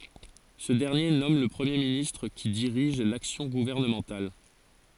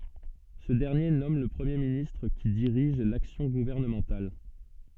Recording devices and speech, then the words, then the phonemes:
forehead accelerometer, soft in-ear microphone, read sentence
Ce dernier nomme le Premier ministre qui dirige l'action gouvernementale.
sə dɛʁnje nɔm lə pʁəmje ministʁ ki diʁiʒ laksjɔ̃ ɡuvɛʁnəmɑ̃tal

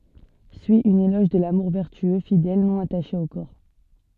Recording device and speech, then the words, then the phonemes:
soft in-ear microphone, read sentence
Suit un éloge de l'amour vertueux, fidèle, non attaché au corps.
syi œ̃n elɔʒ də lamuʁ vɛʁtyø fidɛl nɔ̃ ataʃe o kɔʁ

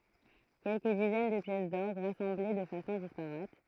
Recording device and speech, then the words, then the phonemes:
throat microphone, read sentence
Quelques dizaines de pièces d'orgue, rassemblées de façon disparate.
kɛlkə dizɛn də pjɛs dɔʁɡ ʁasɑ̃ble də fasɔ̃ dispaʁat

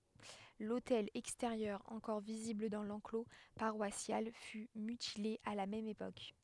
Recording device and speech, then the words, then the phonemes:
headset microphone, read sentence
L'autel extérieur encore visible dans l'enclos paroissial fut mutilé à la même époque.
lotɛl ɛksteʁjœʁ ɑ̃kɔʁ vizibl dɑ̃ lɑ̃klo paʁwasjal fy mytile a la mɛm epok

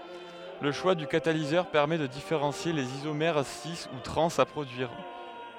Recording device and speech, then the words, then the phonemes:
headset microphone, read sentence
Le choix du catalyseur permet de différencier les isomères cis ou trans à produire.
lə ʃwa dy katalizœʁ pɛʁmɛ də difeʁɑ̃sje lez izomɛʁ si u tʁɑ̃z a pʁodyiʁ

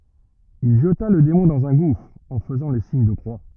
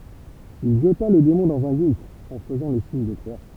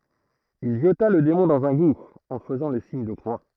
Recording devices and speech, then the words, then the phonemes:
rigid in-ear microphone, temple vibration pickup, throat microphone, read sentence
Il jeta le démon dans un gouffre, en faisant le signe de croix.
il ʒəta lə demɔ̃ dɑ̃z œ̃ ɡufʁ ɑ̃ fəzɑ̃ lə siɲ də kʁwa

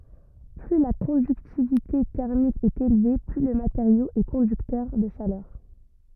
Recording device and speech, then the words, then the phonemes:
rigid in-ear microphone, read sentence
Plus la conductivité thermique est élevée, plus le matériau est conducteur de chaleur.
ply la kɔ̃dyktivite tɛʁmik ɛt elve ply lə mateʁjo ɛ kɔ̃dyktœʁ də ʃalœʁ

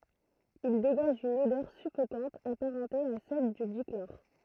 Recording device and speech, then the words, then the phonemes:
throat microphone, read sentence
Il dégage une odeur suffocante apparentée à celle du dichlore.
il deɡaʒ yn odœʁ syfokɑ̃t apaʁɑ̃te a sɛl dy diklɔʁ

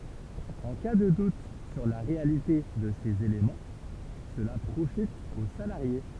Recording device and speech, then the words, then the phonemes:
temple vibration pickup, read sentence
En cas de doute sur la réalité de ces éléments, cela profite au salarié.
ɑ̃ ka də dut syʁ la ʁealite də sez elemɑ̃ səla pʁofit o salaʁje

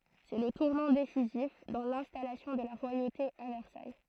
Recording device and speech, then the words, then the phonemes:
throat microphone, read sentence
C'est le tournant décisif dans l'installation de la royauté à Versailles.
sɛ lə tuʁnɑ̃ desizif dɑ̃ lɛ̃stalasjɔ̃ də la ʁwajote a vɛʁsaj

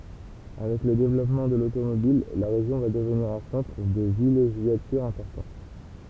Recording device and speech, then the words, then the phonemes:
temple vibration pickup, read sentence
Avec le développement de l'automobile, la région va devenir un centre de villégiature important.
avɛk lə devlɔpmɑ̃ də lotomobil la ʁeʒjɔ̃ va dəvniʁ œ̃ sɑ̃tʁ də vileʒjatyʁ ɛ̃pɔʁtɑ̃

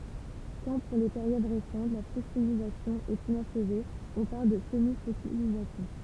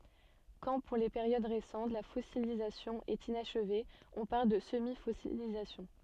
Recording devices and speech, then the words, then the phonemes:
temple vibration pickup, soft in-ear microphone, read sentence
Quand, pour les périodes récentes, la fossilisation est inachevée, on parle de semi-fossilisation.
kɑ̃ puʁ le peʁjod ʁesɑ̃t la fɔsilizasjɔ̃ ɛt inaʃve ɔ̃ paʁl də səmifɔsilizasjɔ̃

